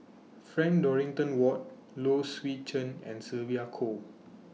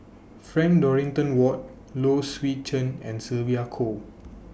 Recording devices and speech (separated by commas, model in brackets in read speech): mobile phone (iPhone 6), boundary microphone (BM630), read sentence